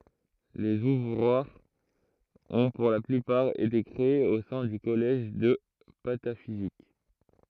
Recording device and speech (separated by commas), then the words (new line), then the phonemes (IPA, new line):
throat microphone, read sentence
Les ouvroirs ont pour la plupart été créés au sein du Collège de Pataphysique.
lez uvʁwaʁz ɔ̃ puʁ la plypaʁ ete kʁeez o sɛ̃ dy kɔlɛʒ də patafizik